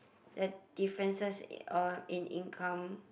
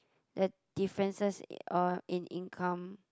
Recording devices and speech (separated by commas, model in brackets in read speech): boundary microphone, close-talking microphone, conversation in the same room